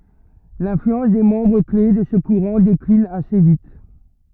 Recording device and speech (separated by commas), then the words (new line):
rigid in-ear microphone, read sentence
L’influence des membres clés de ce courant décline assez vite.